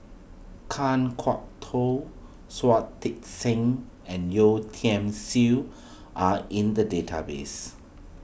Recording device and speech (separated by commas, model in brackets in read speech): boundary microphone (BM630), read sentence